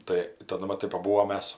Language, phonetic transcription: Lithuanian, ˈtai taˈdu maˈtai paˈbūvom ˈmes

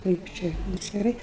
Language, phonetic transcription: Lithuanian, ˈkaip čia atskiˈrai

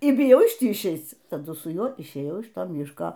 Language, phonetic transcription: Lithuanian, y biˈjau iš ˈtį išˈeic taˈdu su ˈjuo išˈėjau iš ˈto ˈmiško

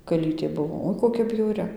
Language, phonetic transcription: Lithuanian, kaˈlytė ˈbuvo ˈoi koˈkia bjauˈri

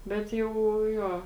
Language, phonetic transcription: Lithuanian, ˈbet jau ˈjo

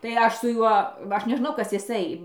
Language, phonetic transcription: Lithuanian, tai ˈaš su ˈjuo ˈaš neˈžnau ˈkas jiˈsai

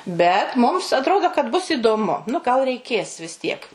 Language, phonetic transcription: Lithuanian, ˈbet mums atˈrodo kad bus įdoˈmu nu gal reiˈkės vis ˈtiek

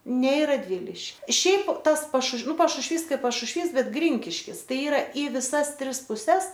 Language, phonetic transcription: Lithuanian, ne i radˈviliški ˈšiaip ˈtas pašušv ˈnu pašušˈvys ˈkaip pašušˈvys ˈbet ˈgrinkiškis ˈtai ˈyra i viˈsas ˈtris puˈses

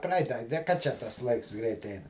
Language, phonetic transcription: Lithuanian, ˈpraita de ka ˈčia tas ˈlaiks ˈgreit ˈein

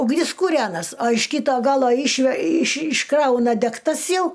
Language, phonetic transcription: Lithuanian, ugˈnis kūˈrenas a iš ˈkyto ˈgalo ˈišve iš išˈkrauna degˈtas ˈjau

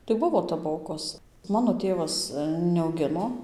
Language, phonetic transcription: Lithuanian, tai ˈbuvo taˈbokos ˈmano ˈtėvas neauˈgino

